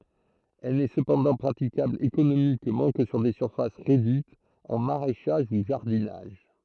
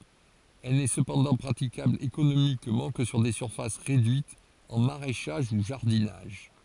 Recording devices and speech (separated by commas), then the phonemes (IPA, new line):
throat microphone, forehead accelerometer, read sentence
ɛl nɛ səpɑ̃dɑ̃ pʁatikabl ekonomikmɑ̃ kə syʁ de syʁfas ʁedyitz ɑ̃ maʁɛʃaʒ u ʒaʁdinaʒ